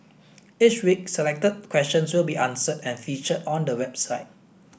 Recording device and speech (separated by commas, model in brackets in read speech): boundary microphone (BM630), read sentence